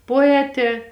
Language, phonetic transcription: Lithuanian, poˈetė

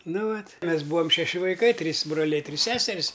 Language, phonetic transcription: Lithuanian, ˈnu ˈvat' ˈmes ˈbūam šeˈši vaiˈkai ˈtrys broˈliai ˈtrys ˈseseris

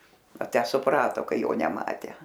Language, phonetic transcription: Lithuanian, a ˈtę suˈprato ˈkai ˈjo neˈmatę

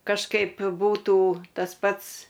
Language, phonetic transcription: Lithuanian, kažˈkaip ˈbūtų tas ˈpats

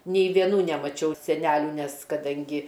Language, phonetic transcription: Lithuanian, nei vieˈnų nemaˈčiau seˈnelių ˈnes kaˈdangi

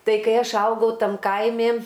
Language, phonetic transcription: Lithuanian, ˈtai kai ˈaš ˈaugau ˈtam ˈkaimi

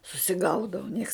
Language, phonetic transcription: Lithuanian, susiˈgaudau nieks

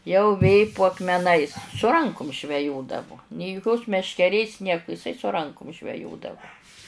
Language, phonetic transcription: Lithuanian, jau ˈvė pu akmeˈnais su ˈrankum žveˈjodavu nė juˈkios meškeˈrės ˈnieku iˈsai su rankum žveˈjodavu

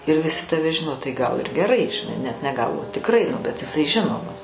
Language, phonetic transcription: Lithuanian, ir viˈsi taˈve ˈžino tai ˈgal ir geˈrai žiˈnai ˈnet ne ˈgal o tikˈrai nu bet jiˈsai ˈžinomas

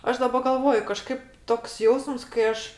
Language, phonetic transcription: Lithuanian, ˈaš daˈba galˈvoju kaˈžkaip toks ˈjausms kai ˈaš

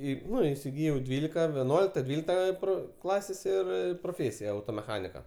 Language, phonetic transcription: Lithuanian, ˈį ˈnu įsiˈgyjau ˈdvylika veˈnuolikta ˈdvylikta i ˈpro ˈklasės' ˈir proˈfėsija automeˈchanika

